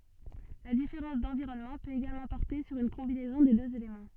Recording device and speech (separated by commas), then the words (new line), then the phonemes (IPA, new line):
soft in-ear microphone, read sentence
La différence d'environnement peut également porter sur une combinaison des deux éléments.
la difeʁɑ̃s dɑ̃viʁɔnmɑ̃ pøt eɡalmɑ̃ pɔʁte syʁ yn kɔ̃binɛzɔ̃ de døz elemɑ̃